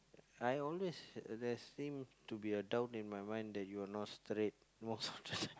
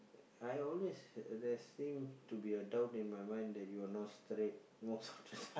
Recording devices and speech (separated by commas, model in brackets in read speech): close-talking microphone, boundary microphone, conversation in the same room